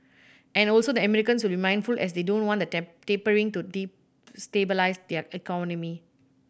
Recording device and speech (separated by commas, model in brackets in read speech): boundary microphone (BM630), read sentence